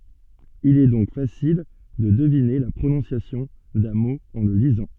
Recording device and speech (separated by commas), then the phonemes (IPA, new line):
soft in-ear microphone, read sentence
il ɛ dɔ̃k fasil də dəvine la pʁonɔ̃sjasjɔ̃ dœ̃ mo ɑ̃ lə lizɑ̃